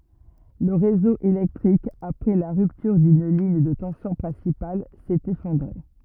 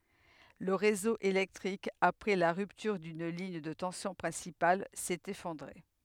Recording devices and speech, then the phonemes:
rigid in-ear microphone, headset microphone, read sentence
lə ʁezo elɛktʁik apʁɛ la ʁyptyʁ dyn liɲ də tɑ̃sjɔ̃ pʁɛ̃sipal sɛt efɔ̃dʁe

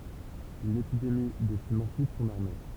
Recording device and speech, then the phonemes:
temple vibration pickup, read sentence
yn epidemi desim ɑ̃syit sɔ̃n aʁme

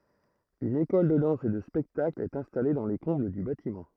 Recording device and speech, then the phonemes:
throat microphone, read sentence
yn ekɔl də dɑ̃s e də spɛktakl ɛt ɛ̃stale dɑ̃ le kɔ̃bl dy batimɑ̃

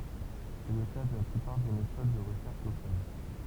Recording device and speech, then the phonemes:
temple vibration pickup, read sentence
sɛ lə ka də la plypaʁ de metod də ʁəʃɛʁʃ lokal

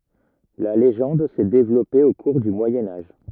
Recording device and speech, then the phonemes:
rigid in-ear microphone, read sentence
la leʒɑ̃d sɛ devlɔpe o kuʁ dy mwajɛ̃ aʒ

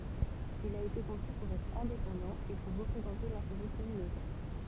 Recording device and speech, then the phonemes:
temple vibration pickup, read sentence
il a ete kɔ̃sy puʁ ɛtʁ ɛ̃depɑ̃dɑ̃ e puʁ ʁəpʁezɑ̃te lɛ̃teʁɛ kɔmynotɛʁ

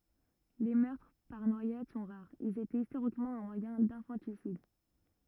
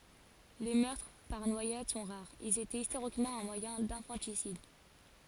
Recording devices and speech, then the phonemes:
rigid in-ear microphone, forehead accelerometer, read sentence
le mœʁtʁ paʁ nwajad sɔ̃ ʁaʁz ilz etɛt istoʁikmɑ̃ œ̃ mwajɛ̃ dɛ̃fɑ̃tisid

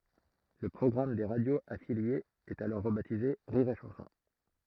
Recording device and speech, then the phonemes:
throat microphone, read sentence
lə pʁɔɡʁam de ʁadjoz afiljez ɛt alɔʁ ʁəbatize ʁiʁ e ʃɑ̃sɔ̃

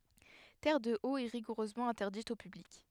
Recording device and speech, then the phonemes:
headset microphone, read sentence
tɛʁədəot ɛ ʁiɡuʁøzmɑ̃ ɛ̃tɛʁdit o pyblik

